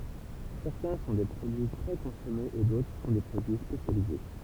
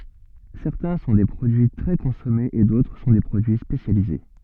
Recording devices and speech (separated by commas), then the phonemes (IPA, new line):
temple vibration pickup, soft in-ear microphone, read sentence
sɛʁtɛ̃ sɔ̃ de pʁodyi tʁɛ kɔ̃sɔmez e dotʁ sɔ̃ de pʁodyi spesjalize